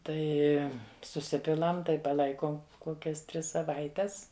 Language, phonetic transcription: Lithuanian, ˈtai suˈsipilam ˈtai paˈlaikom koˈkias ˈtris saˈvaites

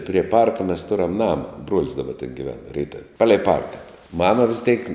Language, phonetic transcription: Lithuanian, prie ˈparka mes ˈturam ˈnama ˈbruolis daˈba ten giˈven ˈreitav' ˈpalei ˈparka ˈmama vis tėk

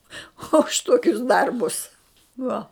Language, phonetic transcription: Lithuanian, už ˈtokius ˈdarbus ˈvuo

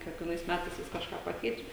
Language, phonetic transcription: Lithuanian, kiekvieˈnais ˈmætais vis kažˈką ˈpakeičia

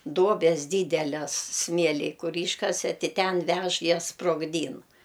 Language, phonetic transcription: Lithuanian, ˈduobes ˈdydeles ˈsmielij ˈkur ˈyškase ˈti ˈten ˈvež ˈjas sprogˈdyn

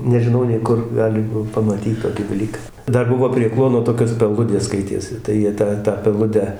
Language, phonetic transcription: Lithuanian, nežiˈnau nei ˈkur ˈgalima pamaˈtyt ˈtoki daˈlyka ˈdar ˈbuvo prie ˈkluono ˈtokios peˈludės ˈskaitėsi tai jie ˈtą ˈtą peˈludę

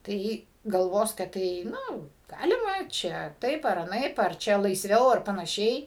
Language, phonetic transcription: Lithuanian, tai ˈji galˈvos kad ˈtai ˈnu ˈgalima čia ˈtaip ar aˈnaip ar ˈčia laisˈviau ar panaˈšiai

